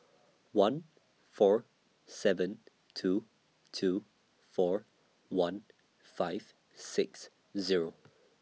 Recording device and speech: mobile phone (iPhone 6), read sentence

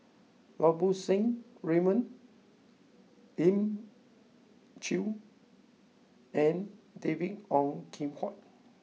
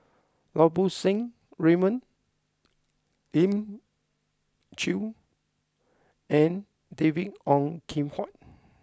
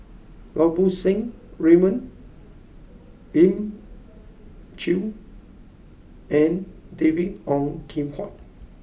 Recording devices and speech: mobile phone (iPhone 6), close-talking microphone (WH20), boundary microphone (BM630), read sentence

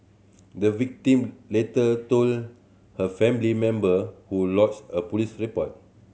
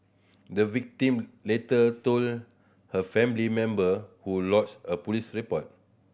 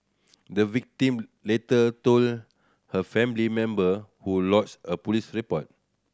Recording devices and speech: mobile phone (Samsung C7100), boundary microphone (BM630), standing microphone (AKG C214), read sentence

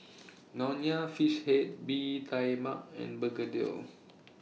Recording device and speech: mobile phone (iPhone 6), read sentence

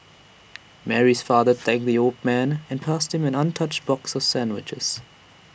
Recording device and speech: boundary microphone (BM630), read sentence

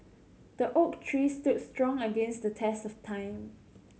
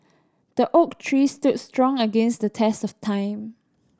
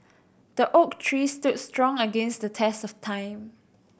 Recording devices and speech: mobile phone (Samsung C7100), standing microphone (AKG C214), boundary microphone (BM630), read sentence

